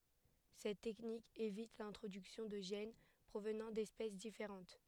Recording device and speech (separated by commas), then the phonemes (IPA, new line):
headset microphone, read sentence
sɛt tɛknik evit lɛ̃tʁodyksjɔ̃ də ʒɛn pʁovnɑ̃ dɛspɛs difeʁɑ̃t